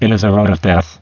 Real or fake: fake